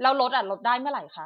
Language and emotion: Thai, frustrated